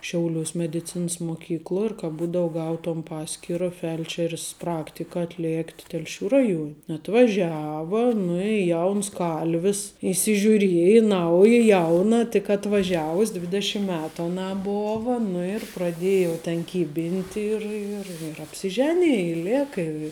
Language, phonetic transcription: Lithuanian, ˈšiauliuos mediˈcins muoˈkykluo ir ka ˈbūdou ˈgautuom ˈpaskyra ˈfelčer's ˈpraktika atˈlėkt telˈšių ˈraˌjuon' atvaˈžiava nu i ˈjauns ˈkalvis įsižiūˈrieja ˈnauja ˈjauna tik atvaˈžiavus' ˈdvidešim ˈmetu aˈnā ˈbova nu ir praˈdėja jau ˈten ˈkybinti ir ir ir apsiˈženija i ˈlėka i

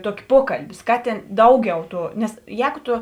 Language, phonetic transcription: Lithuanian, ˈtuoki ˈpuokalbi ˈskaˌtėn ˈdauˌgiau ˈtų ˈnes ˈjēgu ˈtu

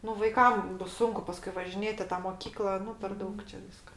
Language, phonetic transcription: Lithuanian, nu vaiˈkam ˈbus ˈsunku ˈpaskui važiˈnėt' i ˈtą moˈkykla ˈnu per ˈdaug čia ˈvyska

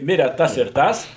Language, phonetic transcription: Lithuanian, ˈmire ˈtas ir ˈtas

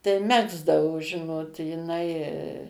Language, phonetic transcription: Lithuanian, tai ˈmegzdavo ˈžinot jiˈnai

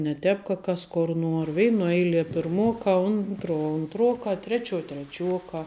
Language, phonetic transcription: Lithuanian, ne ˈtēp ka ˈkas kor ˈnuor ˈveinuo ˈeilie pirˈmuokā ˈuntruo unˈtruokā ˈtrečiuo treˈčiuokā

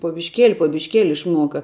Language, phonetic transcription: Lithuanian, po bišˈkėli po bišˈkėli išˈmuoka

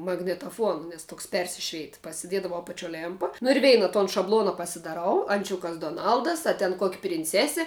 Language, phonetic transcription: Lithuanian, magnitaˈfuona nes ˈtoks ˈpersišveit pasiˈdiedavau apaˈčio ˈlėmpa nu ir ˈveina ton šabˈlona pasidaˈrau anˈčiukas doˈnaldas a ten kok' prinˈcesi

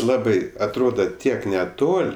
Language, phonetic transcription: Lithuanian, ˈlabai atˈroda ˈtiek neˈtol'

